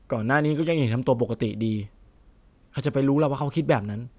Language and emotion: Thai, neutral